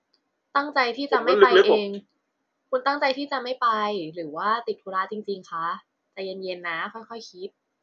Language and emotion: Thai, neutral